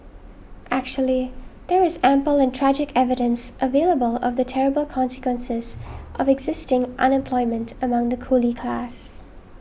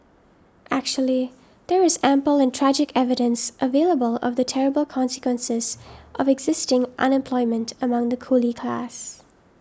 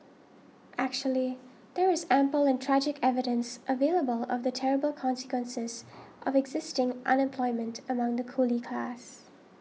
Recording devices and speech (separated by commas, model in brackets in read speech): boundary microphone (BM630), standing microphone (AKG C214), mobile phone (iPhone 6), read sentence